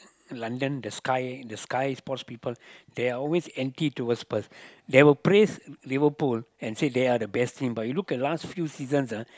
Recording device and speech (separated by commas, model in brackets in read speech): close-talking microphone, conversation in the same room